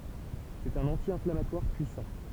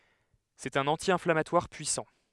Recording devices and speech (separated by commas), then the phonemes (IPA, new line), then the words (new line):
temple vibration pickup, headset microphone, read sentence
sɛt œ̃n ɑ̃tjɛ̃flamatwaʁ pyisɑ̃
C'est un anti-inflammatoire puissant.